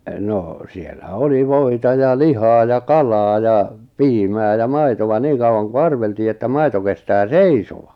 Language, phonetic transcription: Finnish, 'nò , siellä 'oli "vòita ja "lihaa ja "kalaa ja , "piimää ja "maitova 'niiŋ kau₍aŋ ku "arveltii että "maito kestää "seisova .
- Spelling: no siellä oli voita ja lihaa ja kalaa ja piimää ja maitoa niin kauan kuin arveltiin että maito kestää seisoa

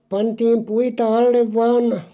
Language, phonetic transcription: Finnish, 'pantiim "puita 'allev 'vaan ,.
- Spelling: pantiin puita alle vain

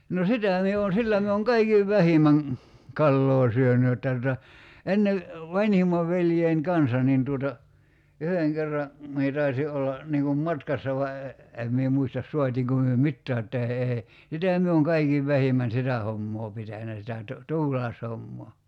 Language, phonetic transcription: Finnish, no "sitä̀ mie on̬ "sillä mie oŋ "kaikiv "vähimäŋ , "kalloo 'syöny jotta tuta , 'enne , "vańhim̆mav 'veljein "kansa nin tuota , 'yheŋ kerra , mie 'taisi '’olla , 'niŋ kum "matkassa va e- , 'em mie 'muistas 'suat́iiŋko myö "mittää [j]otta e- ee , 'sitä mie oŋ "kaikiv 'vähimän "sitä 'hommoo 'pitänä sitä tu- , 'tuulaeshommoo .
- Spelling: no sitä minä olen sillä minä olen kaikkein vähimmän kalaa syönyt jotta tuota ennen vanhimman veljeni kanssa niin tuota yhden kerran minä taisin olla niin kuin matkassa vain - en minä muista saatiinko me mitään jotta - ei sitä minä olen kaikkein vähimmän sitä hommaa pitänyt sitä - tuulaishommaa

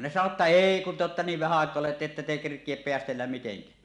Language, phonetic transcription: Finnish, ne sano ‿tta "eei kun te ‿otta niiv vähä àek̀oa ollu ‿tta että te 'kerk̀iep 'peästelläm miteŋkä [ä] « .
- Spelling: ne sanoi jotta ei kun te olette niin vähän aikaa ollut jotta ette te kerkiä päästellä mitenkään -

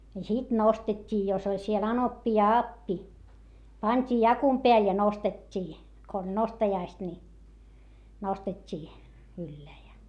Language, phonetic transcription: Finnish, ja sit nostet́t́ii jos ‿oĺ siel anoppi ja appi , pańt́ii jakum peäl ja nostet́t́ii , ko oĺ nostajaist ni , nostet́t́ii , ylleä ja .
- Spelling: ja sitten nostettiin jos oli siellä anoppi ja appi pantiin jakun päälle ja nostettiin kun oli nostajaiset niin nostettiin ylle ja

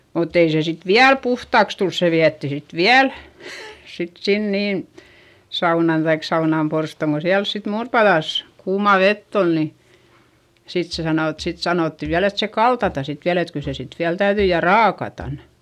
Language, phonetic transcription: Finnish, mutt ‿ei se sit viäl puhtàks tuls se viätti sit viäl , sit sin niin̬ , saunan taik saunàmporstòŋ ko siäls sit muurpaδàs , kuumà vett ‿ol ni , sit se sanò et sit sanòtti viäl ‿et se kaltata sit viäl ‿et kyl se sit viäl täyδyi - ja raakatan .
- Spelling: mutta ei se sitten vielä puhtaaksi tullut se vietiin sitten vielä sitten sinne niin saunaan tai saunanporstoon kun siellä sitten muuripadassa kuumaa vettä oli niin sitten se sanoi että sitten sanottiin vielä että se kaltataan sitten vielä että kyllä se sitten vielä täytyi ja raakataan

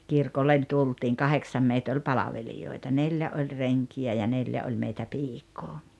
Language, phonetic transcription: Finnish, 'kirkollen 'tultiiŋ "kaheksam 'meit ‿oĺ "palavelijoita 'neĺjä oĺ 'reŋki₍ä ja 'neljä oĺ meitä 'piik̀oo .
- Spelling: kirkolle tultiin kahdeksan meitä oli palvelijoita neljä oli renkiä ja neljä oli meitä piikaa

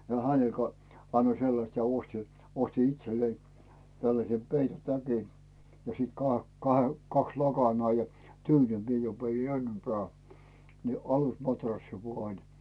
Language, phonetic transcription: Finnish, ja 'häne ka- , 'annoi "sellast ja 'osti , 'osti "itsellei , 'tälläse "peito'täki , ja siit kahe- , ka- , 'kaks "lakanaa ja , "tyynyŋkii mie jo vei 'ennempää , ni 'alusmatrassi 'vua ‿ĺ .
- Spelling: ja hänelle - annoin sellaista ja ostin ostin itselleni tällaisen peittotäkin ja sitten - - kaksi lakanaa ja tyynynkin minä jo vein ennempään niin alusmatrassi vain niin

